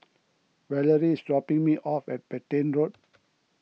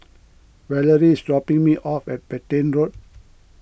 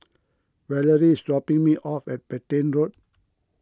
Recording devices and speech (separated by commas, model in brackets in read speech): mobile phone (iPhone 6), boundary microphone (BM630), close-talking microphone (WH20), read sentence